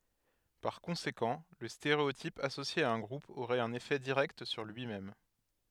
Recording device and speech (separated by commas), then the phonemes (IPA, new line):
headset microphone, read sentence
paʁ kɔ̃sekɑ̃ lə steʁeotip asosje a œ̃ ɡʁup oʁɛt œ̃n efɛ diʁɛkt syʁ lyi mɛm